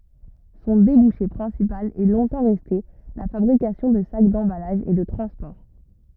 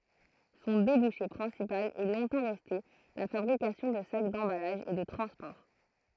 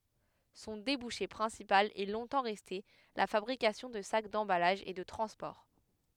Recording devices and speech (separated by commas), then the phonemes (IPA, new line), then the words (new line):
rigid in-ear microphone, throat microphone, headset microphone, read sentence
sɔ̃ debuʃe pʁɛ̃sipal ɛ lɔ̃tɑ̃ ʁɛste la fabʁikasjɔ̃ də sak dɑ̃balaʒ e də tʁɑ̃spɔʁ
Son débouché principal est longtemps resté la fabrication de sacs d'emballage et de transport.